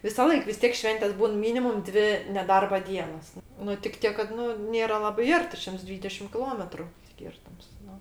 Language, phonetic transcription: Lithuanian, visaˈlaik vis ˈtiek ˈšventės' ˈbūn ˈmynimum ˈdvi neˈdarba ˈdienos ˈnu tik ˈtiek kad ˈnu ˈnėra ˈlabai ˈarti ˈšimts ˈdvydešim kiˈlometru ˈskirtums ˈnu

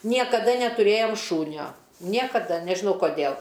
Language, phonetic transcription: Lithuanian, niekaˈda netuˈrėjom ˈšūnio ˈniekada nežiˈnau koˈdėl

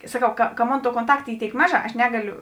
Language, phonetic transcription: Lithuanian, saˈkau ka ka ˈmon ˈtuo konˈtakt ˈy ˈtėik ˈmaˌžā aš ˈnegaˌliu

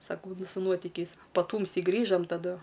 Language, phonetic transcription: Lithuanian, saˈkau su ˈnuotikiais paˈtūmsi ˈgrįžam taˈdu

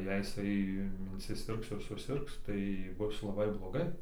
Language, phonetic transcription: Lithuanian, jei jiˈsai insiˈsirgs ir suˈsirgs tai ˈbus laˈbai bloˈgai

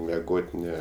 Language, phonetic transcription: Lithuanian, meˈgot' ˈne

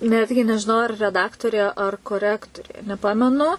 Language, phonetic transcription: Lithuanian, ˈnetgi nežiˈnau ar reˈdaktorė ar koˈrektorė neˈpamenu

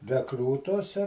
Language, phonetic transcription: Lithuanian, reˈkrūtuose

